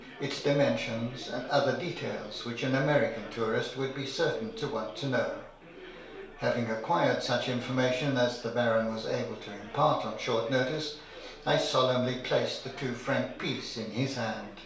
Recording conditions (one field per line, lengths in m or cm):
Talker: one person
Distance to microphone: 1.0 m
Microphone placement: close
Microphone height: 1.1 m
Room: small (3.7 m by 2.7 m)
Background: babble